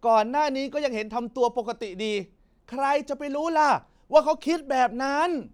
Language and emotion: Thai, frustrated